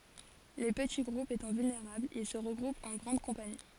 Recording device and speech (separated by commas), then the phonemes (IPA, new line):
forehead accelerometer, read sentence
le pəti ɡʁupz etɑ̃ vylneʁablz il sə ʁəɡʁupt ɑ̃ ɡʁɑ̃d kɔ̃pani